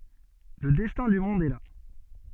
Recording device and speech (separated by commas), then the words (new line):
soft in-ear microphone, read sentence
Le destin du monde est là.